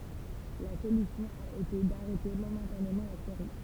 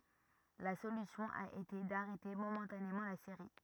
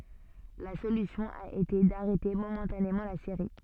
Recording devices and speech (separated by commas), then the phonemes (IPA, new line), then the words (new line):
temple vibration pickup, rigid in-ear microphone, soft in-ear microphone, read sentence
la solysjɔ̃ a ete daʁɛte momɑ̃tanemɑ̃ la seʁi
La solution a été d'arrêter momentanément la série.